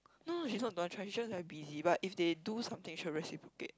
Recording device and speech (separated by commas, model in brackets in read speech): close-talking microphone, conversation in the same room